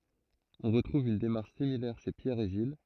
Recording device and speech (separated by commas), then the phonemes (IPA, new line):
throat microphone, read sentence
ɔ̃ ʁətʁuv yn demaʁʃ similɛʁ ʃe pjɛʁ e ʒil